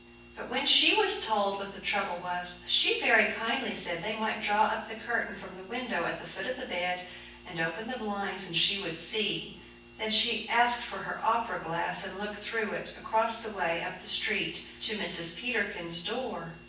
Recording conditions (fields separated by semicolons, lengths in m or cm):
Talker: one person; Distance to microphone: 9.8 m; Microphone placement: far; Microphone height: 1.8 m; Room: large; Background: none